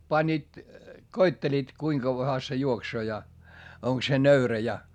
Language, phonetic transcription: Finnish, panniit , koitteliit , kuiŋ kavvaha se juoksoo ja , oŋk se nöyrä ja .
- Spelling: panivat koettelivat kuinka kauanhan se juoksee ja onko se nöyrä ja

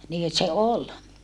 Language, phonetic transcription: Finnish, nii se ol .
- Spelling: niin se oli

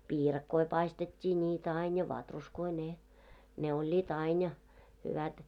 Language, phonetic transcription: Finnish, piirakkoi 'paistet́t́ii 'ńiitä ain ja "vatruskoi ne , 'ne oĺĺiit ain ja , hyvät .
- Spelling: piirakoita paistettiin niitä aina ja vatruskoja ne ne olivat aina ja hyvät

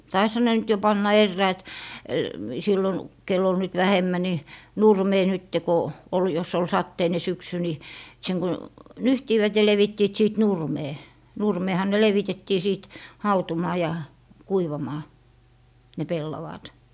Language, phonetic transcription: Finnish, taisha ne nyt jo 'panna "erräɔ̈̀t , sillon , kell ‿ol nyt 'vähemmä ni , "nurmee nytte ko , ol jos ol "satteine 'syksy ni , seŋ ko , "nyhtiivät ja 'levittiit sìt "nurmee , 'nurmeeha ne "levitettii sìt 'hautumaa ja , 'kuivamaa , ne "pellavàat .
- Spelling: taisihan ne nyt jo panna eräät silloin kenellä oli nyt vähemmän niin nurmeen nyt kun oli jos oli sateinen syksy niin sen kun nyhtivät ja levittivät sitten nurmeen nurmeenhan ne levitettiin sitten hautumaan ja kuivamaan ne pellavaat

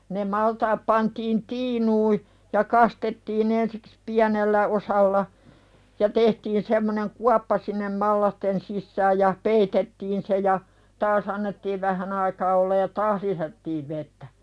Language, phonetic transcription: Finnish, ne 'maltaap pantiin "tiinuui , ja 'kastettiin ‿ensɪks "piänellä osalla , ja 'tehtiin semmoneŋ "kuappa sinnem "mallasten sissääj ja , "peitettiin se ja , "taas ‿annettiiv 'vähän ‿aikaa ollaj ja "taah lisättiiv 'vettä .
- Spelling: ne maltaat pantiin tiinuihin ja kastettiin ensiksi pienellä osalla ja tehtiin semmoinen kuoppa sinne mallasten sisään ja peitettiin se ja taas annettiin vähän aikaa olla ja taas lisättiin vettä

